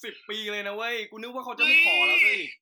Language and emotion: Thai, happy